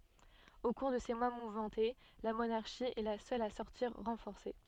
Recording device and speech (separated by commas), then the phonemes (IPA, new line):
soft in-ear microphone, read sentence
o kuʁ də se mwa muvmɑ̃te la monaʁʃi ɛ la sœl a sɔʁtiʁ ʁɑ̃fɔʁse